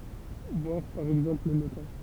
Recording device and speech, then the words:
temple vibration pickup, read sentence
Voir par exemple le cas.

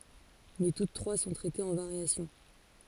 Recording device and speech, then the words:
forehead accelerometer, read sentence
Mais toutes trois sont traitées en variations.

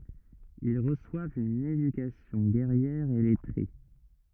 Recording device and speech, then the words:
rigid in-ear microphone, read sentence
Ils reçoivent une éducation guerrière et lettrée.

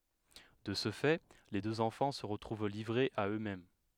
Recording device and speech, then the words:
headset microphone, read sentence
De ce fait, les deux enfants se retrouvent livrés à eux-mêmes.

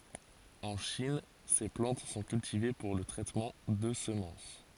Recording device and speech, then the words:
forehead accelerometer, read sentence
En Chine, ces plantes sont cultivées pour le traitement de semences.

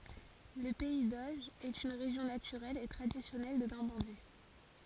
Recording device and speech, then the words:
forehead accelerometer, read sentence
Le pays d'Auge est une région naturelle et traditionnelle de Normandie.

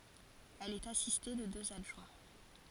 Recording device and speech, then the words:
forehead accelerometer, read sentence
Elle est assistée de deux adjoints.

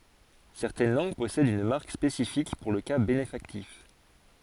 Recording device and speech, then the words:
forehead accelerometer, read sentence
Certaines langues possèdent une marque spécifique pour le cas bénéfactif.

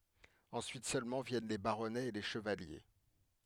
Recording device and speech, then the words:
headset microphone, read sentence
Ensuite seulement viennent les baronnets et les chevaliers.

